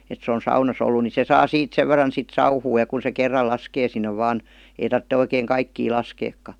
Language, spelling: Finnish, että se on saunassa ollut niin se saa siitä sen verran sitten sauhua ja kun se kerran laskee sinne vain ei tarvitse oikein kaikkia laskeakaan
- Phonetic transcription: et se on̬ 'saunas̆s‿ ollu ni se ''saa ''siit 'sev ver̆ran sit ''sauhuu ja kun̬ se 'kerral 'laskee sinne vaan , ei tartte oikeeŋ 'kaikkii "laskeekka .

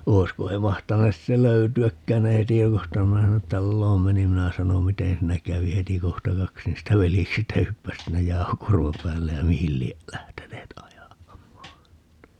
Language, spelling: Finnish, olisiko he mahtaneet sitten löytyäkään ne ei tiedustanut kun minä sinne taloon menin minä sanoin miten siinä kävi heti kohta kaksi niistä veljeksistä hyppäsi sinne jauhokuorman päälle ja mihin lie lähteneet ajamaan
- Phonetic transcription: 'oi̮sko he 'mahtanes si(tte) "löyty₍äkkään - ne (ei 'tievustanu kum minä sinnet) 'talloom 'menim - 'minä sanom » "miten̬ 'siinä 'kävi » - 'heti 'kohta "kaks niistä 'veljeksistä 'hyppäs sinnej "jau̬hokuormam päällej ja "mihil lie , 'lähteneet 'aja(maan) .

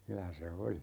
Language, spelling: Finnish, kyllä se oli
- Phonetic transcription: 'kylä se "oli .

